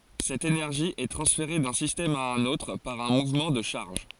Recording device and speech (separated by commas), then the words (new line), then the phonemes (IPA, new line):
forehead accelerometer, read sentence
Cette énergie est transférée d'un système à un autre par un mouvement de charges.
sɛt enɛʁʒi ɛ tʁɑ̃sfeʁe dœ̃ sistɛm a œ̃n otʁ paʁ œ̃ muvmɑ̃ də ʃaʁʒ